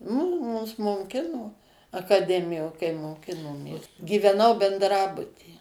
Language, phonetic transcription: Lithuanian, mu ˈmus moˈkino akaˈdemijo kai moˈkinomės gyveˈnau bendˈrabuty

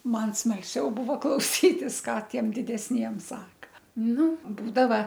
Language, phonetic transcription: Lithuanian, ˈman smalˈsiau ˈbuvo klauˈsytis ˈką ˈtiem didesˈniem ˈsaka ˈnu ˈbūdava

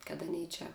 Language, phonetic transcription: Lithuanian, kad aˈnei ˈčia

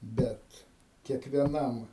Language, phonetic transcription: Lithuanian, ˈbet kiekvieˈnam

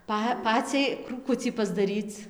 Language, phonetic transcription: Lithuanian, ˈpa ˈpaciai krūˈkucį pasdaˈryc

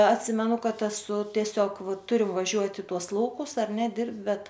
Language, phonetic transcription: Lithuanian, atˈsimenu ˈkad eˈsu tieˈsiog ˈva ˈturim vaˈžiuot i ˈtuos ˈlaukus ar ne ˈdirbt ˈbet

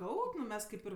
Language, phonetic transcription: Lithuanian, ˈkaup' nu ˈmes ˈkaip ir

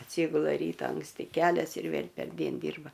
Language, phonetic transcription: Lithuanian, atˈsygula ˈrytą anksˈti ˈkelias ir ˈvėl' perˈdien ˈdyrba

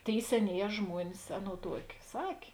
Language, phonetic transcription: Lithuanian, ˈtėi seˈnėˌjē ˈžmuonis ˈaˌnou ˈtuoki ˈsakė

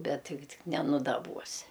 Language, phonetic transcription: Lithuanian, ˈbet ˈtigi ˈtik nenudaˈbuosi

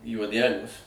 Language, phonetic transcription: Lithuanian, juoˈdeliuos

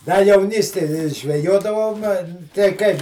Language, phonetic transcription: Lithuanian, da jauˈnystėj žveˈjodavom tai ˈkai

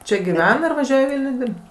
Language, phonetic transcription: Lithuanian, ˈčia giˈven ir vaˈžiuoj į ˈvilniu ˈdirbt

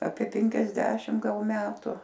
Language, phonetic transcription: Lithuanian, ˈapie penkiasˈdešim ˈgal ˈmetu

